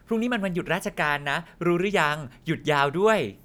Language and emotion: Thai, happy